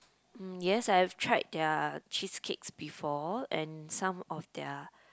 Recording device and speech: close-talking microphone, conversation in the same room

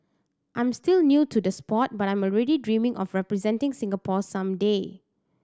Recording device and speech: standing microphone (AKG C214), read sentence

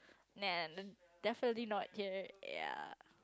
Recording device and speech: close-talking microphone, conversation in the same room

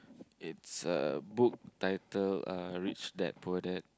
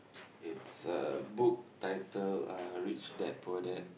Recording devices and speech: close-talking microphone, boundary microphone, conversation in the same room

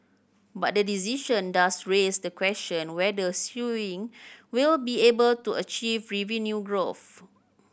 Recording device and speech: boundary microphone (BM630), read sentence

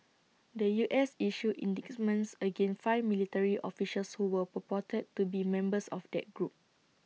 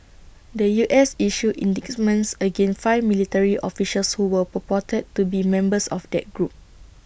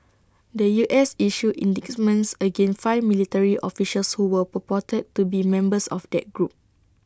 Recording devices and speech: mobile phone (iPhone 6), boundary microphone (BM630), standing microphone (AKG C214), read sentence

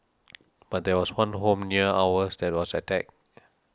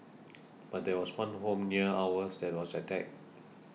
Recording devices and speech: standing microphone (AKG C214), mobile phone (iPhone 6), read sentence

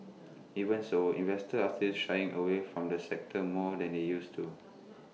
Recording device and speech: mobile phone (iPhone 6), read sentence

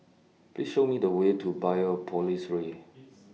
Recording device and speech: mobile phone (iPhone 6), read sentence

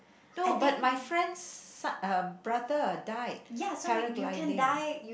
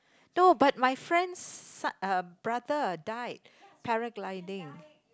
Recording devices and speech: boundary microphone, close-talking microphone, conversation in the same room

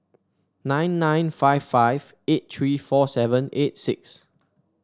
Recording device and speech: standing microphone (AKG C214), read sentence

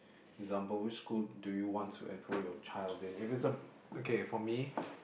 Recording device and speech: boundary microphone, conversation in the same room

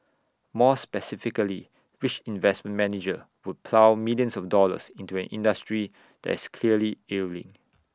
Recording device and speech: standing microphone (AKG C214), read sentence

